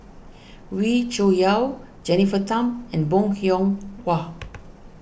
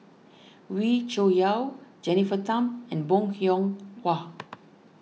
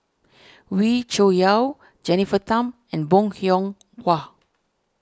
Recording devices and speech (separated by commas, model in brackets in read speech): boundary microphone (BM630), mobile phone (iPhone 6), standing microphone (AKG C214), read sentence